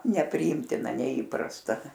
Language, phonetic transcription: Lithuanian, nepriˈymtina neˈįprasta

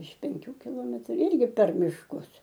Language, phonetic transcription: Lithuanian, iš penˈkių kiˈlometru ˈirgi per mišˈkus

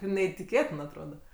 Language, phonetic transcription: Lithuanian, neitiˈkėtin atˈroda

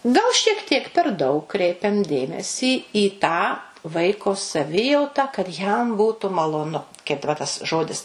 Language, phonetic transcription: Lithuanian, gal šiek ˈtiek per ˈdaug ˈkreipiam ˈdėmesį į tą ˈvaiko saˈvijauta kad ˈjam ˈbūtu maloˈnu kaip daˈba tas ˈžodis

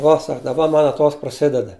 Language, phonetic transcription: Lithuanian, ˈuo ˈsak daˈba ˈman aˈtos praˈsideda

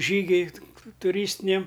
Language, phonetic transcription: Lithuanian, ˈžygiui tuˈrystiniam

